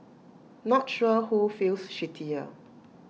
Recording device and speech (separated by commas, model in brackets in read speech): mobile phone (iPhone 6), read sentence